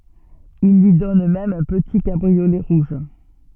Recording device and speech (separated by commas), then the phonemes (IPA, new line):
soft in-ear microphone, read sentence
il lyi dɔn mɛm œ̃ pəti kabʁiolɛ ʁuʒ